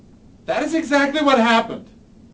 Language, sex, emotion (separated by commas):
English, male, angry